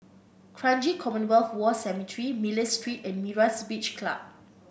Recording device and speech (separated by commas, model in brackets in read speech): boundary microphone (BM630), read sentence